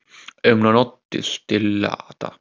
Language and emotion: Italian, sad